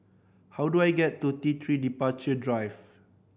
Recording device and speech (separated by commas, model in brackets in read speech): boundary microphone (BM630), read sentence